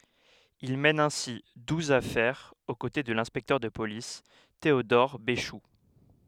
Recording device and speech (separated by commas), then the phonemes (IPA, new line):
headset microphone, read sentence
il mɛn ɛ̃si duz afɛʁz o kote də lɛ̃spɛktœʁ də polis teodɔʁ beʃu